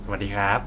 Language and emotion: Thai, neutral